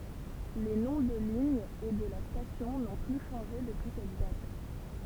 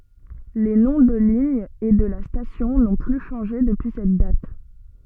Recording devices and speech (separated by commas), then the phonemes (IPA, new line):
temple vibration pickup, soft in-ear microphone, read sentence
le nɔ̃ də liɲ e də la stasjɔ̃ nɔ̃ ply ʃɑ̃ʒe dəpyi sɛt dat